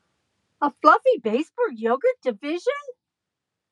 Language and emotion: English, surprised